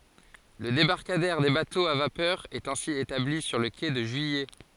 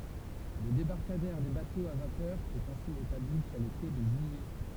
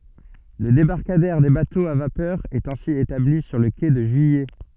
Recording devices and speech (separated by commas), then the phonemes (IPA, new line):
forehead accelerometer, temple vibration pickup, soft in-ear microphone, read sentence
lə debaʁkadɛʁ de batoz a vapœʁ ɛt ɛ̃si etabli syʁ lə ke də ʒyijɛ